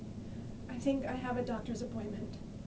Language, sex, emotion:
English, female, fearful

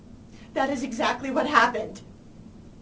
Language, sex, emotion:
English, female, fearful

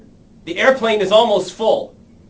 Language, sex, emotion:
English, male, angry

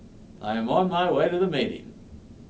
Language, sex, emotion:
English, male, happy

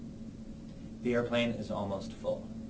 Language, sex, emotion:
English, male, neutral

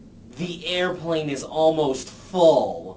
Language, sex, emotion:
English, male, disgusted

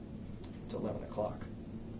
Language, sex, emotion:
English, male, neutral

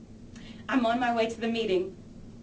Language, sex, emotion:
English, female, neutral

